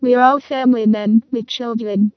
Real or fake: fake